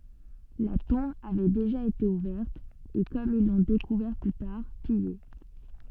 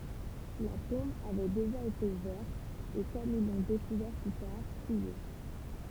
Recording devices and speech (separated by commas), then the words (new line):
soft in-ear microphone, temple vibration pickup, read sentence
La tombe avait déjà été ouverte et, comme ils l'ont découvert plus tard, pillée.